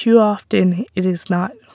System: none